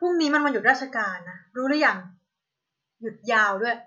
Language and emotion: Thai, frustrated